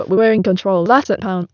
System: TTS, waveform concatenation